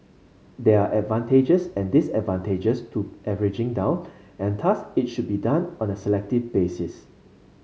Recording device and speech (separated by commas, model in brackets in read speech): mobile phone (Samsung C5), read sentence